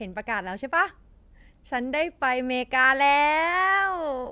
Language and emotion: Thai, happy